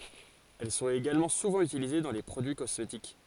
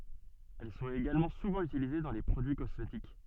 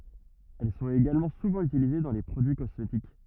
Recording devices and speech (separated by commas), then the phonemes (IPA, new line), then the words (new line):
forehead accelerometer, soft in-ear microphone, rigid in-ear microphone, read sentence
ɛl sɔ̃t eɡalmɑ̃ suvɑ̃ ytilize dɑ̃ le pʁodyi kɔsmetik
Elles sont également souvent utilisées dans les produits cosmétiques.